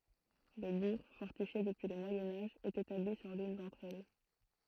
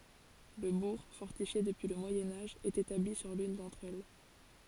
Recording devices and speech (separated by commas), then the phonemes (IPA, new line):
throat microphone, forehead accelerometer, read sentence
lə buʁ fɔʁtifje dəpyi lə mwajɛ̃ aʒ ɛt etabli syʁ lyn dɑ̃tʁ ɛl